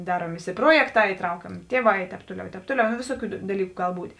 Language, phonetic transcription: Lithuanian, ˈdaruom ˈvisi ˈpruojekˌtā įˈtraukiamė ˈtieˌvā i ˈtēp ˈtuoˌliau i ˈtēp ˈtuoˌliau no ˈvisoˌkių daˈlyku ˈgal ˈbūt'

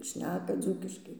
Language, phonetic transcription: Lithuanian, ˈšneka ˈdzūkiškai

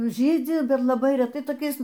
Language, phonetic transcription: Lithuanian, ˈžydzi ˈbet laˈbai reˈtai toˈkiais

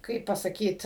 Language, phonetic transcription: Lithuanian, ˈkaip pasaˈkyt

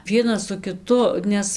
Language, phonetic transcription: Lithuanian, ˈvienas su kiˈtu ˈnes

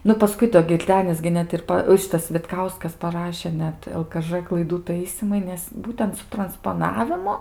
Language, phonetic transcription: Lithuanian, ˈnu paˈskui do girˈdenis gi ˈnet ir ˈpa ˈšitas vitˈkauskas paˈrašė ˈnet el ka ˈžɘ klaiˈdų ˈtaisymai ˈnes ˈbūtent su transpoˈnavimu

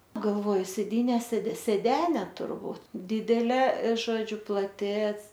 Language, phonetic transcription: Lithuanian, ˈnu galˈvoju sėˈdyne sėd sėˈdene turˈbūt ˈdidelė ˈžodžiu plaˈti

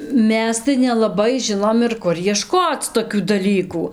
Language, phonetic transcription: Lithuanian, ˈmes tai nelaˈbai ˈžinom ir ˈkur jieˈškoc toˈkių daˈlykų

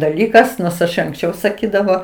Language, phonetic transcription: Lithuanian, daˈlykas nors iš anksˈčiau saˈkydavo

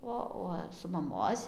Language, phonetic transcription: Lithuanian, ˈo uo su maˈmos'

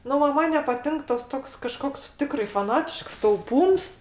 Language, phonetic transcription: Lithuanian, ˈnu ˈva ˈman nepaˈtink ˈtas ˈtoks kaˈžkoks ˈtikrai faˈnatišks tauˈpūms

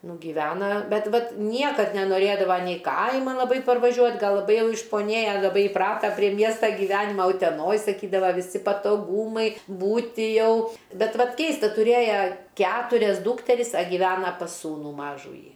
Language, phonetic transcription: Lithuanian, nu giˈvena ˈbet ˈvat ˈniekad nenoˈrėdava nei ˈkaiman laˈbai parvaˈžiuot' ˈgal laˈbai ˈjau išpoˈnėja laˈbai iˈprata prie ˈmiestą gyˈvenima uteˈnoj saˈkydava viˈsi patoˈgūmai ˈbūti ˈjau ˈbet ˈvat ˈkeista tuˈrėja ˈketurias ˈdūkteris a giˈvena pas ˈsūnų ˈmažųjį

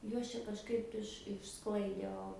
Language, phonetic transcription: Lithuanian, ˈjuos čia kažˈkaip iš iš ˈsklaidė ˈo

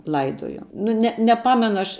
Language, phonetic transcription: Lithuanian, ˈlaidojo nu ˈne neˈpamenu ˈaš

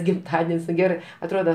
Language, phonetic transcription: Lithuanian, gimˈtaden's' nu ˈgerɜ atˈroda

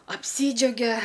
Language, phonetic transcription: Lithuanian, apˈsydžiaugia

